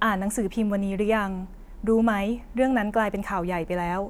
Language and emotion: Thai, frustrated